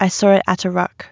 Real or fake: real